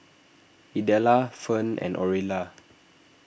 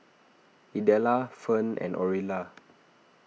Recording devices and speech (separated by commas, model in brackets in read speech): boundary microphone (BM630), mobile phone (iPhone 6), read sentence